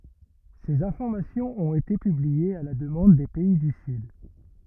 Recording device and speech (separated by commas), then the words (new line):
rigid in-ear microphone, read sentence
Ces informations ont été publiées à la demande des pays du sud.